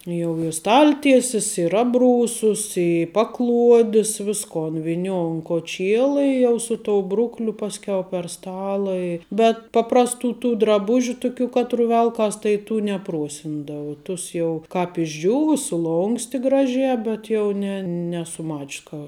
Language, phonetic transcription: Lithuanian, jau i ˈstalˌtiesis ir ˈabˌrūsus i ˈpaˌkluodis ˈviskon viˈniou un koˈčiela i jau ˈsu ˌtou ˈbrukliu ˈpaskiau per ˈstala i bet ˈpaprasˌtų tų draˈbužiu ˈtuˌkių ˈkatˌru ˈvelkas tai tų neˈpruosindava ˈtus jau ˈkāp išˈdžiūvu suˈlonksti ˈgraˌžē ˈbet jau ne ˈnesu ˈmač's ka

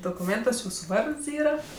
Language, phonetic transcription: Lithuanian, dokuˈmėntuos ˈjūsu ˈvards ˈyra

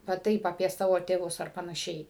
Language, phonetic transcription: Lithuanian, va ˈtaip apie ˈsavo tėˈvus ar panaˈšiai

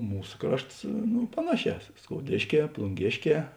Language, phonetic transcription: Lithuanian, ˈmūs ˈkrašts nu ˈpanaˌšē skouˈdėšˌkē plunˈgėšˌkē

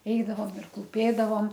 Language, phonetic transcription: Lithuanian, ˈeidavom ir klūˈpėdavom

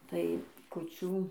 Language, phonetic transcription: Lithuanian, ˈtai kuˈčių

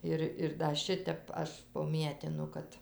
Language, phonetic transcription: Lithuanian, ˈir ir da ˈšitep ˈaš poˈmietinu ˈkad

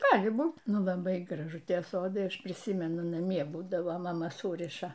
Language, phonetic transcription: Lithuanian, ˈgali ˈbūt ˈnu laˈbai graˈžu ˈtie ˈsodai ˈaš priˈsymenu naˈmie ˈbūdavo maˈma ˈsūriša

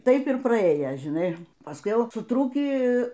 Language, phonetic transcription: Lithuanian, ˈtaip ir praˈėja žiˈnai paˈskui ˈjau suˈtrūkį

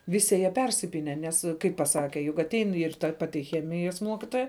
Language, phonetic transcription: Lithuanian, ˈvisi jie persiˈpyne ˈnes kaip paˈsake jug aˈtein ir ta ˈpati ˈchemijas ˈmuokitoja

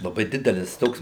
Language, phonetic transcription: Lithuanian, laˈbai ˈdidelis ˈtoks

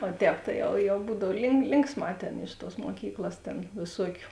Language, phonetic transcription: Lithuanian, o ˈtēp tai ˈjau jau ˈbūdav link ˈlinksˌmā ˈtėn iš tuos muoˈkyklas ˈtėn vėˈsuokiu

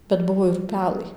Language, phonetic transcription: Lithuanian, bet ˈbuvo ir ˈpelai

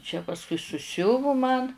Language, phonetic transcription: Lithuanian, čia pasˈkui suˈsiuvu man

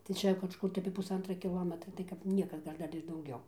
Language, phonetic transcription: Lithuanian, tai ˈčia kažˈkur tai apie pusˈantra kiˈlometra tai kap ˈnieka ˈgal' ˈdar ir dauˈgiau

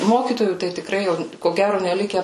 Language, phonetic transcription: Lithuanian, ˈmokytojų tai tiˈkrai jau ko ˈgæro neˈlike

